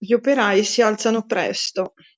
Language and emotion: Italian, neutral